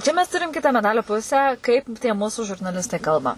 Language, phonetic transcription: Lithuanian, ˈčia mes ˈturim ˈkita meˈdalio ˈpusę ˈkaip tie ˈmusu žurnaˈlistai ˈkalba

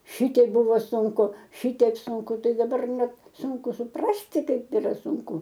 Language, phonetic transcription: Lithuanian, ˈšitiek ˈbuvo sunˈku ˈšitiek sunˈku ˈtai daˈbar ˈnet ˈsunku suˈprasti ˈkaip yˈra sunˈku

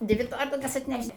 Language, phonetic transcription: Lithuanian, ˈdvi ˈtorielkas atˈneš't'

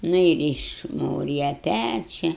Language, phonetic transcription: Lithuanian, ˈnu ir išˈmūrija ˈpæčia

